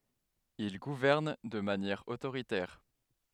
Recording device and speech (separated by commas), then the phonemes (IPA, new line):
headset microphone, read sentence
il ɡuvɛʁn də manjɛʁ otoʁitɛʁ